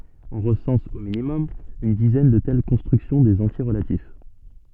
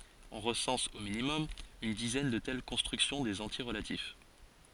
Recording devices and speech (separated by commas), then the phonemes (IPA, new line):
soft in-ear microphone, forehead accelerometer, read sentence
ɔ̃ ʁəsɑ̃s o minimɔm yn dizɛn də tɛl kɔ̃stʁyksjɔ̃ dez ɑ̃tje ʁəlatif